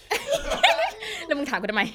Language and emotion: Thai, happy